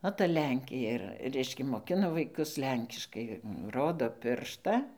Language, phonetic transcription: Lithuanian, o ta ˈlenkė ir ˈreiškia moˈkina vaiˈkus ˈlenkiškai ˈrodo ˈpiršta

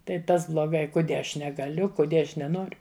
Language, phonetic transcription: Lithuanian, tai ˈtas bloˈgai kuˈdie ˈaš negaˈliu kuˈdie ˈaš neˈnoriu

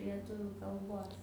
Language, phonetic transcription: Lithuanian, lieˈtuviu kalˈbos

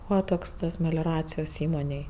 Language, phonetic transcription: Lithuanian, ˈbūva toks tas melioˈracijos ˈįmonėj

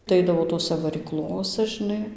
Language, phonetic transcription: Lithuanian, tai ˈaidavo ˈtosæ varyˈklosa žiˈnai

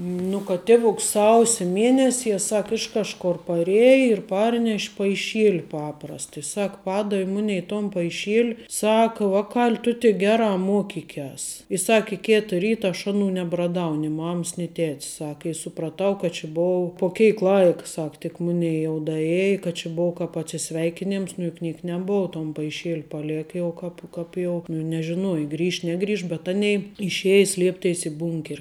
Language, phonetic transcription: Lithuanian, ˈnu kad ˈtevuks ˈsausi ˈmienesie ˈsak ˈiš kažˌkor paˈrieja ir ˈparneš' paiˈšieli ˈpaprast i ˈsak ˈpadavi ˈmunei ton paiˈšiel' ˈsaka ˈvaˌkal' tu tik ˈgerā ˈmokikias i ˈsaki ˈketa ˈryta aš ˈaˌnų nebraˈdau ni ˈmaməs ni ˈtetəs ˈsak i supraˈtau ka či ˈbov po ˈkeik ˈlaik ˈsak tik ˈmunei jau daˈėji kad či ˈbova ˈkāp atsiˈsveikinems nu juk ˈniek neˈbou ton paiˈšiel' paˈlek jau ˈkāp ˈkāp jau nu nežiˈnuoji ˈgrįš neˈgrįš bet ˈanei išˈeji ˈslieptėis i ˈbūnker'

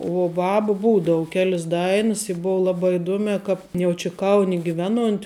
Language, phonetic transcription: Lithuanian, uo ˈbabu ˈbūdavu ˈkelis ˈdainɨs i ˈbovo ˈlaˌbā iˈduomiā ˈkāp jau ˈči ˈkauni giˈveˌnuont'

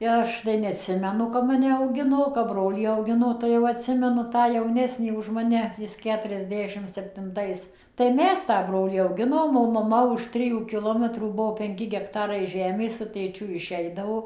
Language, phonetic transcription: Lithuanian, i ˈaš tai neatˈsimenu kap ˈmane auˈgino o kap ˈbrolį auˈgino tai jau atˈsimenu ˈtą jauˈnesnį už maˈne ˈjis ˌketuriasˈdešim septinˈtais tai ˈmes tą ˈbrolį auˈginom o maˈma už ˈtrijų kiˈlometrų ˈbuo penˈki gekˈtarai ˈžemės su tėˈčiu iˈšeidavo

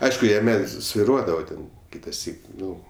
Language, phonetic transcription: Lithuanian, ˈaišku jaˈme sviˈruodavo ˈten ˈkitaˌsyk ˈnu

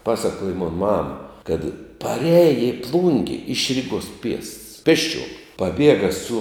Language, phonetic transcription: Lithuanian, ˈpasakuoja mon ˈmam ˈkad paˈreja i ˈplunge iš ˈriguos piests ˈpėsˌčiuom paˈbiega su

